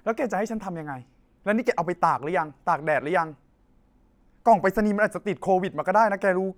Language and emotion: Thai, frustrated